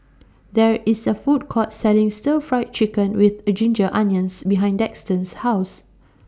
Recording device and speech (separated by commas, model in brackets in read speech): standing microphone (AKG C214), read sentence